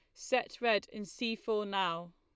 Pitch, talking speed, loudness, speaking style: 210 Hz, 185 wpm, -34 LUFS, Lombard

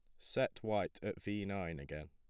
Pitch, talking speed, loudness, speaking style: 85 Hz, 190 wpm, -40 LUFS, plain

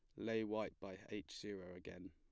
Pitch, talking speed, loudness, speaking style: 105 Hz, 190 wpm, -47 LUFS, plain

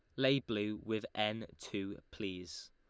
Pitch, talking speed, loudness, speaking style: 105 Hz, 145 wpm, -38 LUFS, Lombard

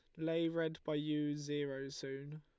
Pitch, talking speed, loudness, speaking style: 150 Hz, 165 wpm, -40 LUFS, Lombard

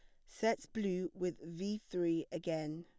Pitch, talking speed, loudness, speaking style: 175 Hz, 145 wpm, -39 LUFS, plain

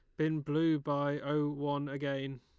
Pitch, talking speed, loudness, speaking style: 145 Hz, 165 wpm, -34 LUFS, Lombard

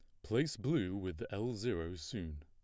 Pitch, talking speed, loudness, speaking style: 95 Hz, 165 wpm, -39 LUFS, plain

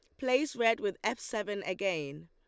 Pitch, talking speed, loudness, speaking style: 210 Hz, 175 wpm, -32 LUFS, Lombard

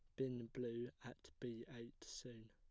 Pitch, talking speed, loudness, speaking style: 120 Hz, 155 wpm, -50 LUFS, plain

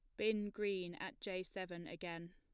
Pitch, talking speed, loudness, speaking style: 185 Hz, 170 wpm, -43 LUFS, plain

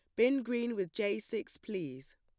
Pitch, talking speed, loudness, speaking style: 210 Hz, 185 wpm, -35 LUFS, plain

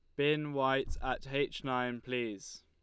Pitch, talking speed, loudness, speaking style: 130 Hz, 150 wpm, -34 LUFS, Lombard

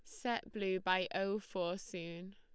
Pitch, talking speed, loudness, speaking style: 190 Hz, 170 wpm, -39 LUFS, Lombard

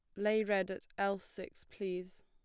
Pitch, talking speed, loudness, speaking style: 200 Hz, 175 wpm, -37 LUFS, plain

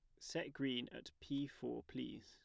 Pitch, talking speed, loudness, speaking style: 135 Hz, 175 wpm, -46 LUFS, plain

